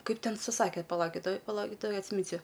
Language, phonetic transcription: Lithuanian, ˈkaip ˈten suˈsakė paˈlaukit ˈtoj paˈlaukit ˈtoj atsiˈminsiu

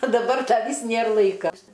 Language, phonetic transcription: Lithuanian, o daˈbar ˈda ˈvys ˈnėr ˈlaika

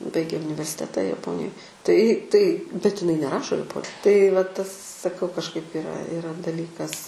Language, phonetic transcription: Lithuanian, ˈbaigė universiˈteta jaˈponijoj tai tai bet iˈnai neˈrašo jaˈpo tai va ˈtas saˈkau kažˈkaip iˈra iˈra daˈlykas

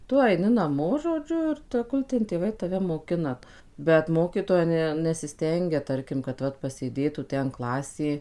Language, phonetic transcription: Lithuanian, ˈtu aiˈni naˈmo žoˈdžiu ir teˈgul ten tėˈvai taˈve moˈkina bet ˈmokytoja ˈne nesiˈstengia ˈtarkim kad ˈvat pasėˈdėtų ˈten ˈklasė

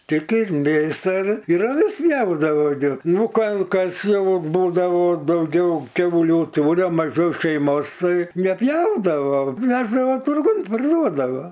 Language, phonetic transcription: Lithuanian, tik ir ˈmėsa ir ir aˈvis neˈaugdavo gi ˈnu kal ˈkas ˈjau ˈbūdavo dauˈgiau ˈkiauliu ˈtūria maˈžiau šeiˈmos ˈtai neˈpjaudavo ˈveždavo turˈgun parˈduodavo

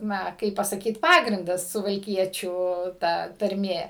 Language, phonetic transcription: Lithuanian, ˈna ˈkaip pasaˈkyt ˈpagrindas suvalˈkiečių ˈta tarˈmė

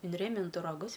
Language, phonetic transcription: Lithuanian, inˈrėmintu raˈgus

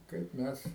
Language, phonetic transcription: Lithuanian, kaip ˈmes

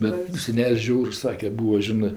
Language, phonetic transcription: Lithuanian, ˈbet seˈnel's' ˈžiaurs ˈsake ˈbūa ˈžinɜ

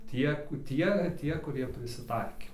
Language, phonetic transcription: Lithuanian, ˈtiek ˈtie ˈtie kuˈrie prisiˈtaikė

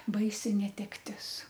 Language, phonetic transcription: Lithuanian, ˈbaisi netekˈtis

